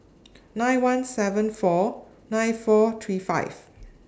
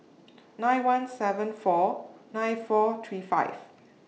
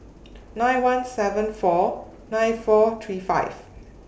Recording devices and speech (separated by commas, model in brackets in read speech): standing microphone (AKG C214), mobile phone (iPhone 6), boundary microphone (BM630), read sentence